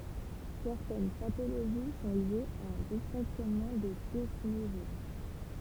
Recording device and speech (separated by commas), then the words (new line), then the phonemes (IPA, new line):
temple vibration pickup, read sentence
Certaines pathologies sont liées à un dysfonctionnement des desmosomes.
sɛʁtɛn patoloʒi sɔ̃ ljez a œ̃ disfɔ̃ksjɔnmɑ̃ de dɛsmozom